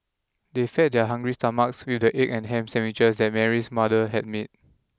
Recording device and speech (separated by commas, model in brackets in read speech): close-talking microphone (WH20), read sentence